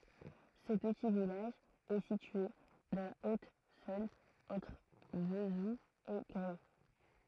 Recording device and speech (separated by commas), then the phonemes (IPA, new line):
throat microphone, read sentence
sə pəti vilaʒ ɛ sitye dɑ̃ la otzɔ̃n ɑ̃tʁ vəzul e ɡʁɛ